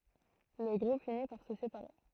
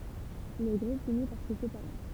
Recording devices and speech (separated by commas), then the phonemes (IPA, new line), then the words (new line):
throat microphone, temple vibration pickup, read sentence
lə ɡʁup fini paʁ sə sepaʁe
Le groupe finit par se séparer.